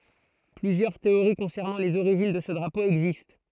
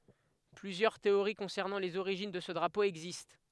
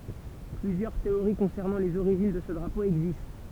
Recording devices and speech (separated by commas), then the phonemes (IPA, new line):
throat microphone, headset microphone, temple vibration pickup, read sentence
plyzjœʁ teoʁi kɔ̃sɛʁnɑ̃ lez oʁiʒin də sə dʁapo ɛɡzist